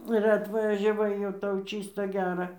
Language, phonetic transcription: Lithuanian, ir atvažiaˈvai jau ˈtau ˈčysta ˈgera

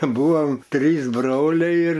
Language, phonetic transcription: Lithuanian, ˈbuvom ˈtrys ˈbroliai ir

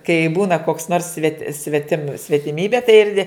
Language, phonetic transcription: Lithuanian, kai ˈbūna koks nors svet' sveˈtim svetiˈmybė tai ir ne

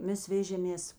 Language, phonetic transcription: Lithuanian, ˈmes ˈvežėmės

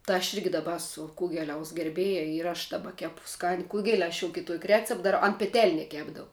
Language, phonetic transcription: Lithuanian, tɜ aš ˈirgi daˈba ˈesu ˈkugeliaus gerˈbėja ir aš daˈba ˈkepu ˈskani ˈkugel' aš jau kiˈtuok' ˈrecep daˈrau an peˈtelne ˈkepdau

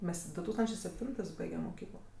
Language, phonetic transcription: Lithuanian, ˈmes du ˈtūkstančė sepˈtintɜs ˈbaigem moˈkyklo

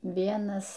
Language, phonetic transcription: Lithuanian, ˈvienas

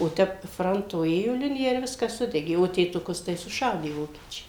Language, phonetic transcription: Lithuanian, o ˈtep ˈfranto ˈėjo ˈlinija ir ˈviskas ˈsudegė o tėtuˈkus tai suˈšaudė ˈvokiečiai

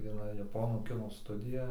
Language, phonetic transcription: Lithuanian, vieˈna jaˈponų ˈkino ˈstudija

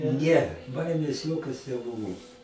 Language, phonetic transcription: Lithuanian, ˈne ˈbaimės ˈjokios neˈbuvo

